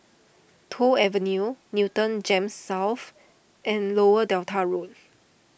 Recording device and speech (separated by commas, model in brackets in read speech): boundary microphone (BM630), read sentence